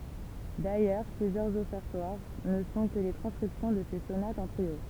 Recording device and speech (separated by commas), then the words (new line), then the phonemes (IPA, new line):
temple vibration pickup, read sentence
D'ailleurs, plusieurs Offertoires ne sont que les transcriptions de ses sonates en trio.
dajœʁ plyzjœʁz ɔfɛʁtwaʁ nə sɔ̃ kə le tʁɑ̃skʁipsjɔ̃ də se sonatz ɑ̃ tʁio